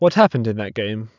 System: none